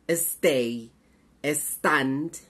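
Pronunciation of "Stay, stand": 'Stay' and 'stand' are pronounced incorrectly here, with an e sound added before the s at the very beginning of each word.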